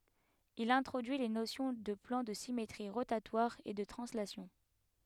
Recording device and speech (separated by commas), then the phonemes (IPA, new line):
headset microphone, read sentence
il ɛ̃tʁodyi le nosjɔ̃ də plɑ̃ də simetʁi ʁotatwaʁz e də tʁɑ̃slasjɔ̃